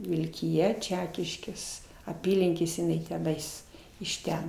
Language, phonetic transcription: Lithuanian, vilkiˈja ˈčekiškės aˈpylinkėse iˈnai teˈnais iš ˈten

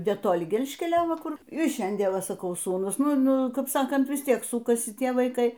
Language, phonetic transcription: Lithuanian, netoˈli ˈgelžkelio ˈva ˈkur ir ˈšiandien ˈva saˈkau ˈsūnus ˈnu ˈnu kap ˈsakant vis ˈtiek ˈsūkasi ˈtie vaiˈkai

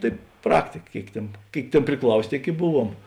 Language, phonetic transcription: Lithuanian, ˈtai ˈpraktika ˈkėik ˈtėn ˈkėik ˈtėn priˈklausė ˈtėik i ˈbuˌvuom

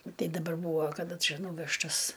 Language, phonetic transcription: Lithuanian, nu ˈtai daˈbar ˈbūvo kaˈda ˈčia ˈnūvežtas

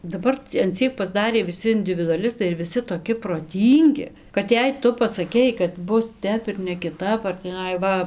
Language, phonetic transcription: Lithuanian, daˈbar cia an ˈciek pasˈdarė viˈsi individuaˈlistai ir viˈsi toˈki proˈtyngi kad ˈjei ˈtu pasaˈkei kad ˈbus ˈtep ir nekiˈtap ar tįˈnai ˈva

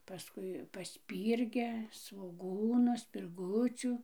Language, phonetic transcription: Lithuanian, paˈskui paˈspyrgia svoˈgūnu spirˈgucių

